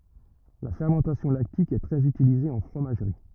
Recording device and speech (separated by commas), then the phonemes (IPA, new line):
rigid in-ear microphone, read sentence
la fɛʁmɑ̃tasjɔ̃ laktik ɛ tʁɛz ytilize ɑ̃ fʁomaʒʁi